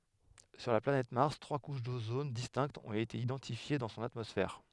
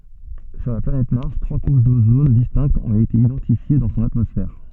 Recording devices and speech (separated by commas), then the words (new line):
headset microphone, soft in-ear microphone, read sentence
Sur la planète Mars, trois couches d'ozone distinctes ont été identifiées dans son atmosphère.